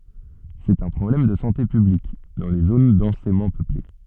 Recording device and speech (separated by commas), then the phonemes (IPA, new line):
soft in-ear microphone, read sentence
sɛt œ̃ pʁɔblɛm də sɑ̃te pyblik dɑ̃ le zon dɑ̃semɑ̃ pøple